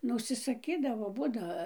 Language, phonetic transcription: Lithuanian, ˈnu užsisaˈkydavo ˈbūda

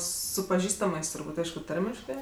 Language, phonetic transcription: Lithuanian, ˈsu paˈžįstamɜs turˈbūt' ˈaišku ˈtarmiškɜ

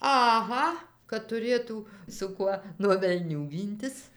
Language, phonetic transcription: Lithuanian, aˈha kad tuˈrėtų su ˈkuo nuo velˈnių ˈgyntis

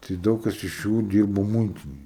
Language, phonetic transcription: Lithuanian, tai ˈdaug kas iš ˈjų ˈdyrbo ˈmuitinėj

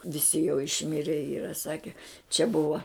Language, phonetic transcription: Lithuanian, viˈsi jau išˈmire ˈyra ˈsake čia ˈbuva

